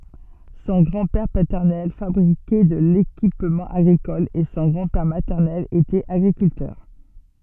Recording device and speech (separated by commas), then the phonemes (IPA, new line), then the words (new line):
soft in-ear microphone, read sentence
sɔ̃ ɡʁɑ̃dpɛʁ patɛʁnɛl fabʁikɛ də lekipmɑ̃ aɡʁikɔl e sɔ̃ ɡʁɑ̃dpɛʁ matɛʁnɛl etɛt aɡʁikyltœʁ
Son grand-père paternel fabriquait de l'équipement agricole et son grand-père maternel était agriculteur.